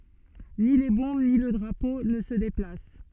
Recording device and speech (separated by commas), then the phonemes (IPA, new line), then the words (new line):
soft in-ear microphone, read sentence
ni le bɔ̃b ni lə dʁapo nə sə deplas
Ni les Bombes ni le Drapeau ne se déplacent.